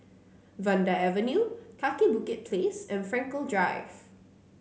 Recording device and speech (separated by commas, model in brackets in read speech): mobile phone (Samsung C9), read sentence